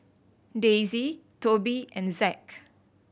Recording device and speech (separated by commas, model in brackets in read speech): boundary microphone (BM630), read sentence